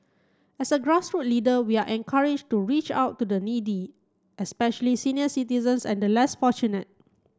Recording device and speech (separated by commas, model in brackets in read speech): close-talking microphone (WH30), read sentence